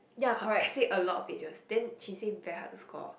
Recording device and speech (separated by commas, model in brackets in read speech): boundary microphone, conversation in the same room